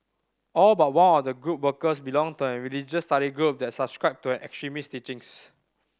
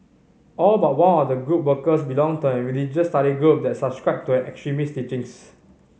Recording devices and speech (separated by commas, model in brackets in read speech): standing microphone (AKG C214), mobile phone (Samsung C5010), read sentence